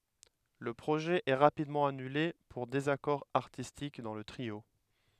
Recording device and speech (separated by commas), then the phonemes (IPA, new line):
headset microphone, read sentence
lə pʁoʒɛ ɛ ʁapidmɑ̃ anyle puʁ dezakɔʁ aʁtistik dɑ̃ lə tʁio